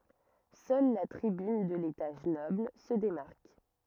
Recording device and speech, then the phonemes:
rigid in-ear microphone, read sentence
sœl la tʁibyn də letaʒ nɔbl sə demaʁk

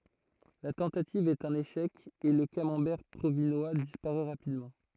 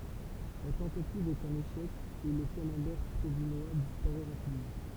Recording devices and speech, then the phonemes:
throat microphone, temple vibration pickup, read sentence
la tɑ̃tativ ɛt œ̃n eʃɛk e lə kamɑ̃bɛʁ pʁovinwa dispaʁɛ ʁapidmɑ̃

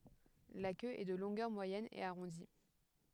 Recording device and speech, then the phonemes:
headset microphone, read sentence
la kø ɛ də lɔ̃ɡœʁ mwajɛn e aʁɔ̃di

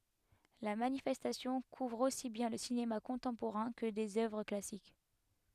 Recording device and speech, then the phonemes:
headset microphone, read sentence
la manifɛstasjɔ̃ kuvʁ osi bjɛ̃ lə sinema kɔ̃tɑ̃poʁɛ̃ kə dez œvʁ klasik

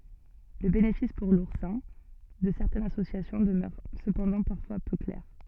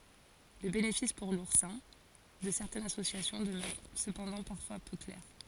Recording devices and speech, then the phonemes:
soft in-ear microphone, forehead accelerometer, read sentence
lə benefis puʁ luʁsɛ̃ də sɛʁtɛnz asosjasjɔ̃ dəmœʁ səpɑ̃dɑ̃ paʁfwa pø klɛʁ

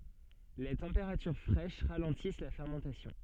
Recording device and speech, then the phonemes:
soft in-ear microphone, read sentence
le tɑ̃peʁatyʁ fʁɛʃ ʁalɑ̃tis la fɛʁmɑ̃tasjɔ̃

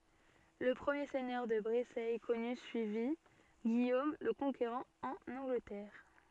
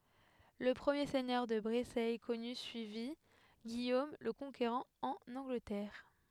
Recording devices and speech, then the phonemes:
soft in-ear microphone, headset microphone, read sentence
lə pʁəmje sɛɲœʁ də bʁesɛ kɔny syivi ɡijom lə kɔ̃keʁɑ̃ ɑ̃n ɑ̃ɡlətɛʁ

